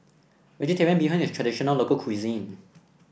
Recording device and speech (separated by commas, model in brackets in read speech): boundary microphone (BM630), read sentence